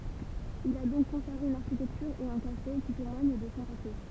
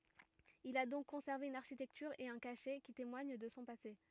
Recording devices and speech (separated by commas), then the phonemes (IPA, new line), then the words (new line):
temple vibration pickup, rigid in-ear microphone, read sentence
il a dɔ̃k kɔ̃sɛʁve yn aʁʃitɛktyʁ e œ̃ kaʃɛ ki temwaɲ də sɔ̃ pase
Il a donc conservé une architecture et un cachet qui témoigne de son passé.